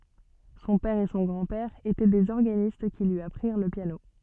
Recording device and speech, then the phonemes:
soft in-ear microphone, read sentence
sɔ̃ pɛʁ e sɔ̃ ɡʁɑ̃dpɛʁ etɛ dez ɔʁɡanist ki lyi apʁiʁ lə pjano

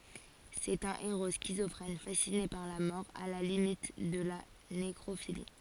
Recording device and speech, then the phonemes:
forehead accelerometer, read sentence
sɛt œ̃ eʁo skizɔfʁɛn fasine paʁ la mɔʁ a la limit də la nekʁofili

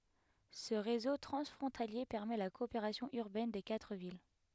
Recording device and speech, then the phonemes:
headset microphone, read sentence
sə ʁezo tʁɑ̃sfʁɔ̃talje pɛʁmɛ la kɔopeʁasjɔ̃ yʁbɛn de katʁ vil

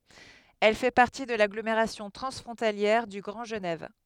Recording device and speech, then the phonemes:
headset microphone, read sentence
ɛl fɛ paʁti də laɡlomeʁasjɔ̃ tʁɑ̃sfʁɔ̃taljɛʁ dy ɡʁɑ̃ ʒənɛv

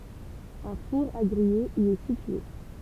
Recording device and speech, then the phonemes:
temple vibration pickup, read sentence
œ̃ fuʁ a ɡʁije i ɛ sitye

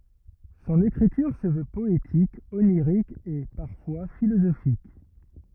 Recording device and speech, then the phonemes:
rigid in-ear microphone, read sentence
sɔ̃n ekʁityʁ sə vø pɔetik oniʁik e paʁfwa filozofik

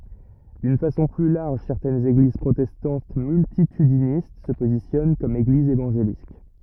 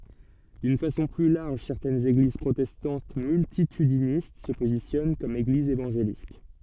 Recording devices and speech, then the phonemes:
rigid in-ear microphone, soft in-ear microphone, read sentence
dyn fasɔ̃ ply laʁʒ sɛʁtɛnz eɡliz pʁotɛstɑ̃t myltitydinist sə pozisjɔn kɔm eɡlizz evɑ̃ʒelik

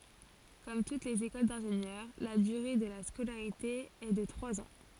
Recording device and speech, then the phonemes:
forehead accelerometer, read sentence
kɔm tut lez ekol dɛ̃ʒenjœʁ la dyʁe də la skolaʁite ɛ də tʁwaz ɑ̃

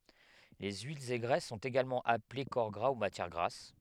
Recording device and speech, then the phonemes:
headset microphone, read sentence
le yilz e ɡʁɛs sɔ̃t eɡalmɑ̃ aple kɔʁ ɡʁa u matjɛʁ ɡʁas

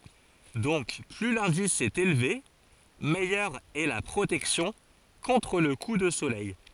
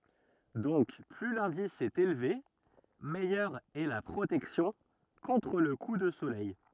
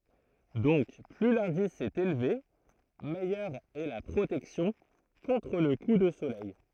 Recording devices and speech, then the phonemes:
forehead accelerometer, rigid in-ear microphone, throat microphone, read sentence
dɔ̃k ply lɛ̃dis ɛt elve mɛjœʁ ɛ la pʁotɛksjɔ̃ kɔ̃tʁ lə ku də solɛj

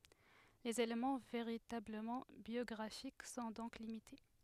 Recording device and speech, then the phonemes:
headset microphone, read sentence
lez elemɑ̃ veʁitabləmɑ̃ bjɔɡʁafik sɔ̃ dɔ̃k limite

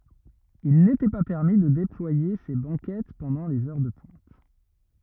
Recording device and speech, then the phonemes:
rigid in-ear microphone, read sentence
il netɛ pa pɛʁmi də deplwaje se bɑ̃kɛt pɑ̃dɑ̃ lez œʁ də pwɛ̃t

